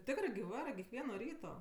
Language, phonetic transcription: Lithuanian, ˈtikrɜ gi ˈvarɜ kekˈvieno ˈryto

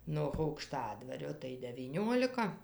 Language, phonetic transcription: Lithuanian, noh aukˈštadvario tai devyˈniolika

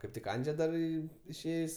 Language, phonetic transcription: Lithuanian, kaip ˈtik ˈandže dar ˈį išˈėjs'

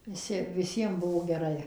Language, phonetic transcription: Lithuanian, viˈsi viˈsiem ˈbuvo geˈrai

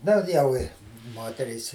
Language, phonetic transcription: Lithuanian, ˈdar jau ˈi ˈmoterys

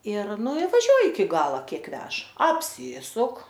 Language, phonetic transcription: Lithuanian, ir ˈnu i vaˈžiuoji iki ˈgala ˈkiek ˈvež apˈsysuk

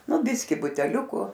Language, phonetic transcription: Lithuanian, ˈnu ˈbiskį buteˈliuku

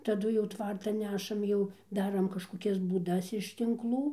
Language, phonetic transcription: Lithuanian, taˈdu jau ˈtvartan ˈnešam ˈjau ˈdaram kažkoˈkias būˈdas iš tinkˈlų

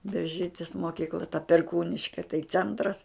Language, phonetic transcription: Lithuanian, berˈžytis moˈkykla ta perˈkūniške tai ˈcentras

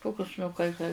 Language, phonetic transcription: Lithuanian, ˈtokius nu kai kai

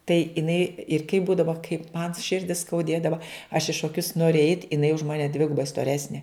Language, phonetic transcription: Lithuanian, tai iˈnai ir kai ˈbūdavo kaip man ˈširdi skauˈdėdava aš i šoˈkius ˈnori eit' iˈnai už ˈmane ˈdvigubai stoˈresnė

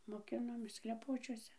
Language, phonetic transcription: Lithuanian, moˈkinomės kleˈpočiuose

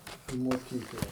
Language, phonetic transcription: Lithuanian, į moˈkykla

